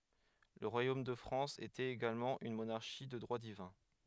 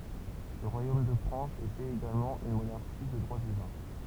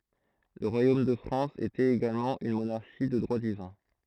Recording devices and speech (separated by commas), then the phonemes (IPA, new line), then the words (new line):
headset microphone, temple vibration pickup, throat microphone, read sentence
lə ʁwajom də fʁɑ̃s etɛt eɡalmɑ̃ yn monaʁʃi də dʁwa divɛ̃
Le royaume de France était également une monarchie de droit divin.